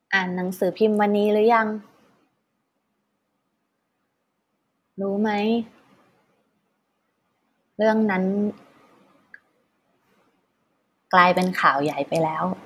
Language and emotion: Thai, frustrated